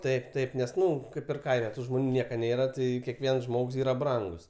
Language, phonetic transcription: Lithuanian, ˈtaip ˈtaip ˈnes ˈnu ˈkaip ir ˈkaime ˈtų žmoˈnių ˈnieka ˈnėra ˈtai keˈkviens ˈžmogs ˈyra ˈbrangus

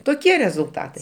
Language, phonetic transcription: Lithuanian, toˈkie rezulˈtatai

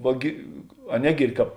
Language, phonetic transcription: Lithuanian, ˈva gi a ˈnegyrdi ˈkāp

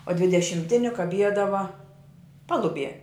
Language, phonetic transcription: Lithuanian, o dvidešimˈtini kaˈbiedava ˈpaluˌbie

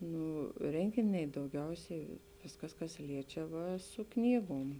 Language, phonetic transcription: Lithuanian, ˈnū ˈrenginiai dauˈgiausiai ˈviskas kas ˈliečia ˈva su ˈknygom

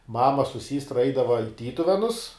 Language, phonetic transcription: Lithuanian, ˈmama su ˈsystra ˈeidava i ˈtytuvenus

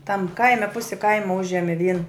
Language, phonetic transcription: Lithuanian, tam ˈkaime ˈpusi ˈkaima ˈužemi vien

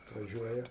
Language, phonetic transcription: Lithuanian, atvaˈžiuoja

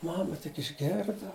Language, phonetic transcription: Lithuanian, ˈmama tik išˈgėrda

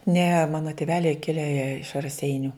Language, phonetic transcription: Lithuanian, ne ˈmano tiˈveliai ˈkile jie iš raˈseiniu

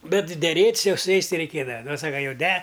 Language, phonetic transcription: Lithuanian, ˈbet deˈrėt's' ˈjau su ˈjais ˈti reiˈkėdava ˈnu ˈsaka jau de

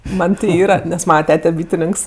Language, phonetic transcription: Lithuanian, ˈman' ti ˈyra nes ˈmana ˈtete ˈbytininks

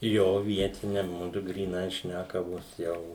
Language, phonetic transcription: Lithuanian, jo ˈvietine ˈmudu gryˈnai ˈšnækavos ˈjau

